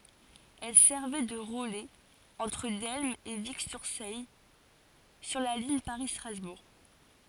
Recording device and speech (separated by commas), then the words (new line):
forehead accelerometer, read sentence
Elle servait de relais entre Delme et Vic-sur-Seille sur la ligne Paris-Strasbourg.